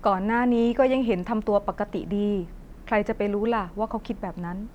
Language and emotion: Thai, neutral